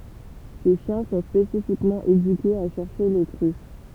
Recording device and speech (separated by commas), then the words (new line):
temple vibration pickup, read sentence
Ces chiens sont spécifiquement éduqués à chercher les truffes.